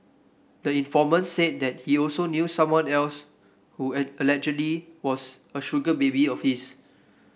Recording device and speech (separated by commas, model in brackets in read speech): boundary microphone (BM630), read sentence